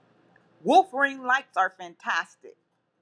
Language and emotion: English, angry